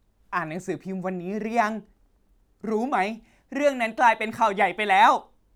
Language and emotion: Thai, happy